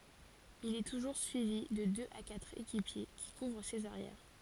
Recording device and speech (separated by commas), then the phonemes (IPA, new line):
forehead accelerometer, read sentence
il ɛ tuʒuʁ syivi də døz a katʁ ekipje ki kuvʁ sez aʁjɛʁ